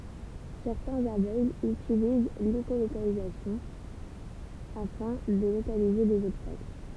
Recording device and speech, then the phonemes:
temple vibration pickup, read sentence
sɛʁtɛ̃z avøɡlz ytiliz leʃolokalizasjɔ̃ afɛ̃ də lokalize dez ɔbstakl

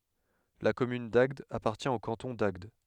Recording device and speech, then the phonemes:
headset microphone, read sentence
la kɔmyn daɡd apaʁtjɛ̃ o kɑ̃tɔ̃ daɡd

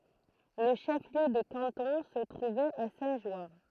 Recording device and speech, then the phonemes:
throat microphone, read sentence
lə ʃəfliø də kɑ̃tɔ̃ sə tʁuvɛt a sɛ̃tʒwaʁ

